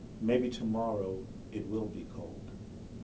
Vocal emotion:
neutral